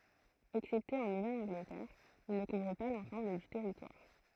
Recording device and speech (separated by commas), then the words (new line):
throat microphone, read sentence
Excepté en Nouvelle-Angleterre, il ne couvre pas l'ensemble du territoire.